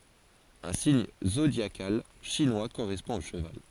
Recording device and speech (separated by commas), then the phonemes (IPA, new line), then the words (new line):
forehead accelerometer, read sentence
œ̃ siɲ zodjakal ʃinwa koʁɛspɔ̃ o ʃəval
Un signe zodiacal chinois correspond au cheval.